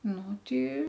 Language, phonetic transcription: Lithuanian, ˈnu ˈti

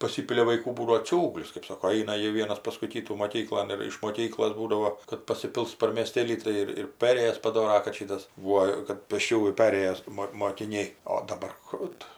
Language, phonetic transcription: Lithuanian, paˈsipilia vaiˈkų ˈbūdavo ˈciūglis kɜp ˈsako ˈaina ˈjie ˈvienas ˈpaskui ˈkytų moˈkyklon ir iš moˈkyklos ˈbūdavo kad pasiˈpils par mieˈstėlį ˈtai ir ir ˈperėjas paˈdora kad ˈšytas ˈvuo kad pėsˈčiųjų ˈperėjos ˈmo mokiˈniai o daˈbar ˈkų tu

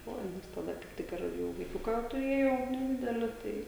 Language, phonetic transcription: Lithuanian, ˈoi nes taˈda kaip ˈtik ir ˈjau vaiˈkiuką tuˈrėjau neˈdideli ˈtai

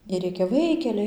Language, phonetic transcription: Lithuanian, ir ˈrėkia ˈvaikeliai

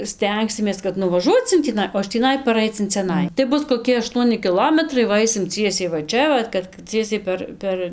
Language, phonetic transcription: Lithuanian, ˈstengsimės kad nuvaˈžuoc in tįˈnai o iš tįˈnai paˈraic in ciaˈnai tai ˈbus koˈki aˈštuoni kiˈlometrai ˈva ˈaisim ˈciesiai va ˈčia ˈvat kad ˈciesiai per ˈper

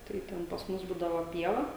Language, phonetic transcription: Lithuanian, tai ˈten pas ˈmus ˈbūdavo ˈpieva

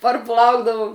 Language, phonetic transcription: Lithuanian, parˈplaukdavum

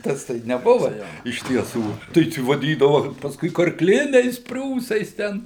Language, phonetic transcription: Lithuanian, ˈtas ˈtai neˈbuva ˈjo iš tieˈsų tai ˈčia vaˈdydava pasˈkui karkˈliniais ˈpriūsais ˈten

